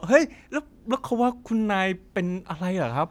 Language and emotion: Thai, happy